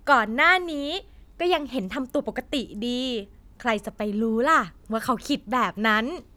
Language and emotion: Thai, happy